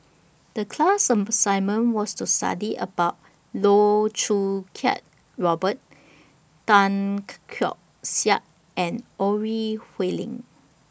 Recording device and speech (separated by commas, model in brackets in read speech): boundary microphone (BM630), read sentence